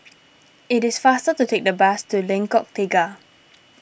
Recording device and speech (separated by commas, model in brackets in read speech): boundary microphone (BM630), read sentence